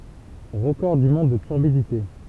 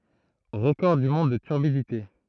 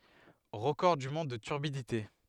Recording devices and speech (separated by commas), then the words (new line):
temple vibration pickup, throat microphone, headset microphone, read sentence
Record du monde de turbidité.